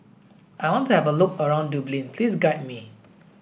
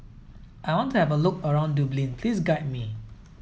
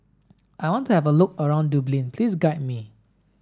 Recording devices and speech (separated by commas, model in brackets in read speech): boundary microphone (BM630), mobile phone (iPhone 7), standing microphone (AKG C214), read sentence